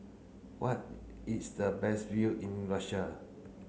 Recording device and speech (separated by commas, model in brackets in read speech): mobile phone (Samsung C9), read sentence